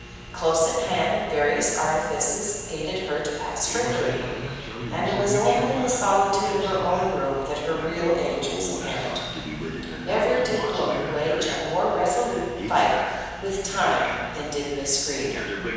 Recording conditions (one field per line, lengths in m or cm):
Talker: one person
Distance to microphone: 7.1 m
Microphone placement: far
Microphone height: 1.7 m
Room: very reverberant, large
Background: television